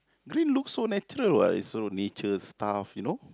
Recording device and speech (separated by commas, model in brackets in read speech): close-talking microphone, conversation in the same room